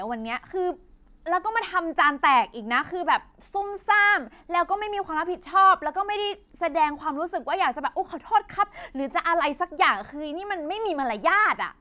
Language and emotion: Thai, angry